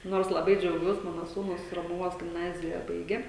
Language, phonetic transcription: Lithuanian, ˈnors laˈbai džiauˈgiuos ˈmano ˈsūnus romuˈvos gimˈnazija ˈbaigė

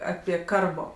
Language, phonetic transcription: Lithuanian, ˈapie ˈkarbo

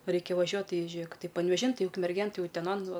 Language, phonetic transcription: Lithuanian, ˈraikia vaˈžiuot ti ˈžėk panveˈžin ˈtai ukmerˈgėn ˈtai uteˈnon ˈva

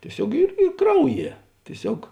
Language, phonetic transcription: Lithuanian, tieˈsiog ir ˈy ˈkrauˌjie tieˈsiog

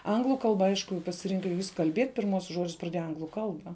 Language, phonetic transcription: Lithuanian, ˈanglu ˈkalba ˈaišku pasiˈrinka jis kal'ˈbiet' pirˈmuosius ˈžodžius praˈdėja ˈanglu ˈkalba

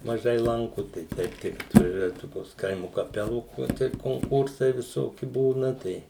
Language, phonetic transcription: Lithuanian, maˈžai ˈlanku tai ˈteip tik atvaˈžiuoja ˈtokios ˈkaimu kaˈpelų o ˈtaip konˈkursai viˈsoki ˈbūna ˈtai

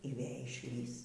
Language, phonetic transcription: Lithuanian, y ˈvė išˈlįs

